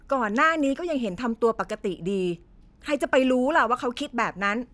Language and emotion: Thai, frustrated